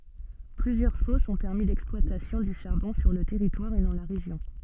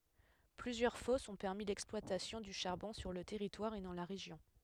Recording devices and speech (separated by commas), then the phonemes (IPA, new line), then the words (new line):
soft in-ear microphone, headset microphone, read sentence
plyzjœʁ fɔsz ɔ̃ pɛʁmi lɛksplwatasjɔ̃ dy ʃaʁbɔ̃ syʁ lə tɛʁitwaʁ e dɑ̃ la ʁeʒjɔ̃
Plusieurs fosses ont permis l'exploitation du charbon sur le territoire et dans la région.